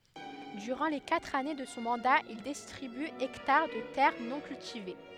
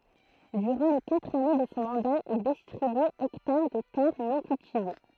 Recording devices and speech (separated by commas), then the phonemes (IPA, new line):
headset microphone, throat microphone, read sentence
dyʁɑ̃ le katʁ ane də sɔ̃ mɑ̃da il distʁiby ɛktaʁ də tɛʁ nɔ̃ kyltive